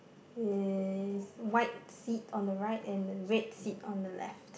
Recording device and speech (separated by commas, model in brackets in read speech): boundary microphone, conversation in the same room